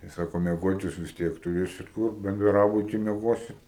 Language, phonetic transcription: Lithuanian, tai ˈsako mieˈgot ˈjūs vis ˈtiek tuˈrėsit ˈkur benˈdrabuti mieˈgosit

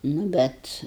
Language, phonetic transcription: Lithuanian, nu ˈbet

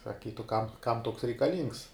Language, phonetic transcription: Lithuanian, saˈkytu ˈkam ˈkam ˈtoks reikaˈlyngs

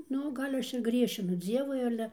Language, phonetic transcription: Lithuanian, ˈnu ˈgal' ˈaš ir ˈgriešinu ˈdzievui ˈale

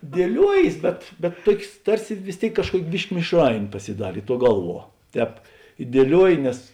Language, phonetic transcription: Lithuanian, dieˈliuojės bet bet ˈtuokės ˈtarsi vis ˈtėik kažˈkuok' ˈbiški mišˈrainė pasiˈdarė ˈtuo ˈgalˌvuo ˈtēp i dieˈliuoji nes

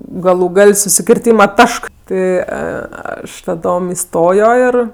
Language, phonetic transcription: Lithuanian, ˈgalu ˈgal' susikirˈtyma ˈtašk ˈti ˈaš taˈdom iˈstojo ir

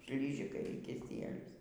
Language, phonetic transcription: Lithuanian, ˈšlyžikai y kiˈsielius

